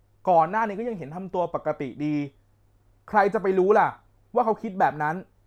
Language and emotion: Thai, frustrated